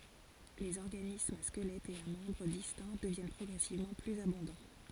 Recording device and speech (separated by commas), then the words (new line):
forehead accelerometer, read sentence
Les organismes à squelettes et à membres distincts deviennent progressivement plus abondants.